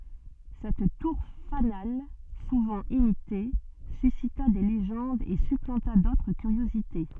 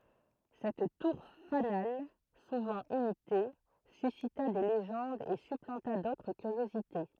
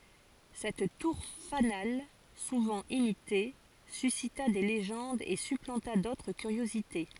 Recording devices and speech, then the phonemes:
soft in-ear microphone, throat microphone, forehead accelerometer, read sentence
sɛt tuʁ fanal suvɑ̃ imite sysita de leʒɑ̃dz e syplɑ̃ta dotʁ kyʁjozite

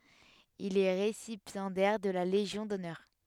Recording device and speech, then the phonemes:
headset microphone, read sentence
il ɛ ʁesipjɑ̃dɛʁ də la leʒjɔ̃ dɔnœʁ

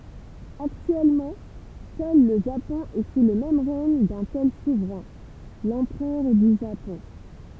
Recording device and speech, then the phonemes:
temple vibration pickup, read sentence
aktyɛlmɑ̃ sœl lə ʒapɔ̃ ɛ su lə ʁɛɲ dœ̃ tɛl suvʁɛ̃ lɑ̃pʁœʁ dy ʒapɔ̃

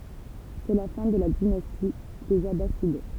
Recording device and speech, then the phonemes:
temple vibration pickup, read sentence
sɛ la fɛ̃ də la dinasti dez abasid

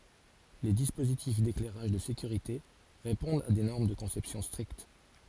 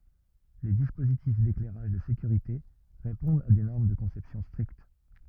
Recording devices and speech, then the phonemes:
forehead accelerometer, rigid in-ear microphone, read sentence
le dispozitif deklɛʁaʒ də sekyʁite ʁepɔ̃dt a de nɔʁm də kɔ̃sɛpsjɔ̃ stʁikt

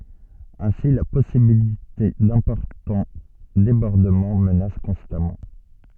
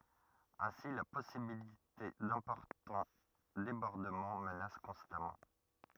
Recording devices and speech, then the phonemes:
soft in-ear microphone, rigid in-ear microphone, read sentence
ɛ̃si la pɔsibilite dɛ̃pɔʁtɑ̃ debɔʁdəmɑ̃ mənas kɔ̃stamɑ̃

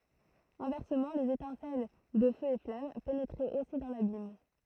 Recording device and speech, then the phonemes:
throat microphone, read sentence
ɛ̃vɛʁsəmɑ̃ lez etɛ̃sɛl də føz e flam penetʁɛt osi dɑ̃ labim

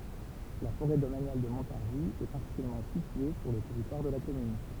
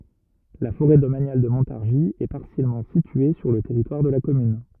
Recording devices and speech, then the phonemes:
temple vibration pickup, rigid in-ear microphone, read sentence
la foʁɛ domanjal də mɔ̃taʁʒi ɛ paʁsjɛlmɑ̃ sitye syʁ lə tɛʁitwaʁ də la kɔmyn

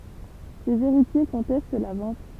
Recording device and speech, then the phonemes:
temple vibration pickup, read sentence
sez eʁitje kɔ̃tɛst la vɑ̃t

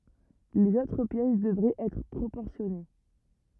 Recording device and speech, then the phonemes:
rigid in-ear microphone, read sentence
lez otʁ pjɛs dəvʁɛt ɛtʁ pʁopɔʁsjɔne

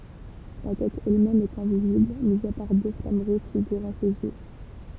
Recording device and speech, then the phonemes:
temple vibration pickup, read sentence
la tɛt ɛlmɛm ɛt ɛ̃vizibl mi a paʁ dø flam ʁuʒ fiɡyʁɑ̃ sez jø

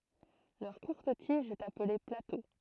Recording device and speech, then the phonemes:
throat microphone, read sentence
lœʁ kuʁt tiʒ ɛt aple plato

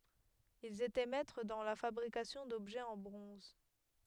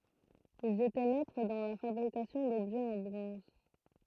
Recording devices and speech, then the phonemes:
headset microphone, throat microphone, read sentence
ilz etɛ mɛtʁ dɑ̃ la fabʁikasjɔ̃ dɔbʒɛz ɑ̃ bʁɔ̃z

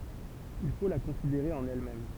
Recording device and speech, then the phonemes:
temple vibration pickup, read sentence
il fo la kɔ̃sideʁe ɑ̃n ɛlmɛm

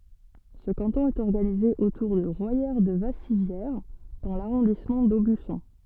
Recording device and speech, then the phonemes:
soft in-ear microphone, read sentence
sə kɑ̃tɔ̃ ɛt ɔʁɡanize otuʁ də ʁwajɛʁədəvasivjɛʁ dɑ̃ laʁɔ̃dismɑ̃ dobysɔ̃

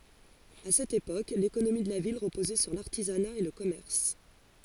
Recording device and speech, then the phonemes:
forehead accelerometer, read sentence
a sɛt epok lekonomi də la vil ʁəpozɛ syʁ laʁtizana e lə kɔmɛʁs

